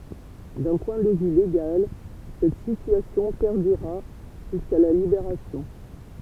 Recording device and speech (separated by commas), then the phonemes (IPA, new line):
temple vibration pickup, read sentence
dœ̃ pwɛ̃ də vy leɡal sɛt sityasjɔ̃ pɛʁdyʁa ʒyska la libeʁasjɔ̃